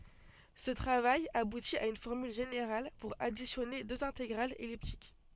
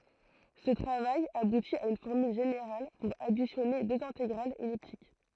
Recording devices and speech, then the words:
soft in-ear microphone, throat microphone, read sentence
Ce travail aboutit à une formule générale pour additionner deux intégrales elliptiques.

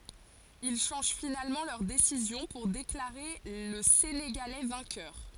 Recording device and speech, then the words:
forehead accelerometer, read sentence
Ils changent finalement leur décision pour déclarer le Sénégalais vainqueur.

